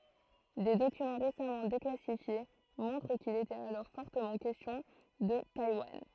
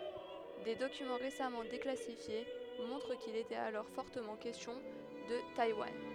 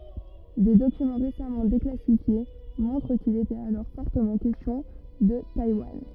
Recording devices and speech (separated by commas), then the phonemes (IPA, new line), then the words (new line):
throat microphone, headset microphone, rigid in-ear microphone, read sentence
de dokymɑ̃ ʁesamɑ̃ deklasifje mɔ̃tʁ kil etɛt alɔʁ fɔʁtəmɑ̃ kɛstjɔ̃ də tajwan
Des documents récemment déclassifiés montrent qu'il était alors fortement question de Taïwan.